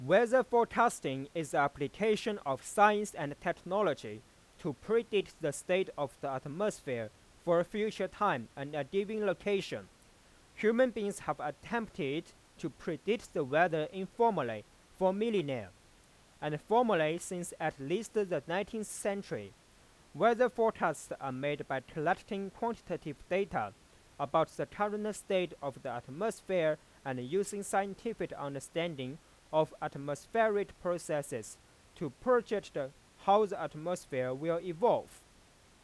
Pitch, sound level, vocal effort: 180 Hz, 95 dB SPL, very loud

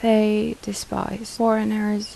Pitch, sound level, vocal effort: 215 Hz, 78 dB SPL, soft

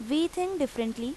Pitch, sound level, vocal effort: 275 Hz, 85 dB SPL, loud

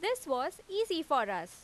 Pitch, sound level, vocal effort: 380 Hz, 92 dB SPL, loud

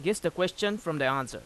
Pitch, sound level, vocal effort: 170 Hz, 91 dB SPL, loud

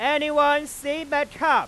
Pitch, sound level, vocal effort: 295 Hz, 107 dB SPL, very loud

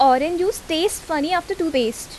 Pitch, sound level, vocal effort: 330 Hz, 86 dB SPL, loud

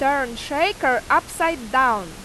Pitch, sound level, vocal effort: 270 Hz, 93 dB SPL, very loud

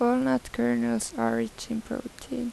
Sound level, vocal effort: 80 dB SPL, soft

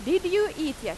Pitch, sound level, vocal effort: 320 Hz, 93 dB SPL, very loud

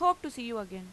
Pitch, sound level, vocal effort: 240 Hz, 93 dB SPL, loud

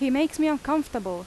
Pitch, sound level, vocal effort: 285 Hz, 89 dB SPL, loud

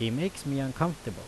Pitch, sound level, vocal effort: 135 Hz, 86 dB SPL, loud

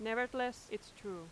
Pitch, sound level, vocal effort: 225 Hz, 89 dB SPL, very loud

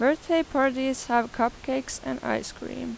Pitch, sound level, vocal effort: 260 Hz, 86 dB SPL, normal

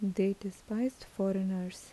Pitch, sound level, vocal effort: 195 Hz, 76 dB SPL, soft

